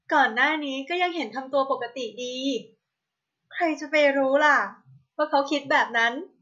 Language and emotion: Thai, happy